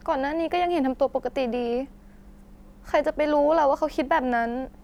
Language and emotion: Thai, sad